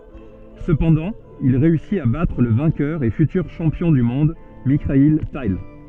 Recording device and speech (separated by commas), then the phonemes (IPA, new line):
soft in-ear microphone, read sentence
səpɑ̃dɑ̃ il ʁeysit a batʁ lə vɛ̃kœʁ e fytyʁ ʃɑ̃pjɔ̃ dy mɔ̃d mikail tal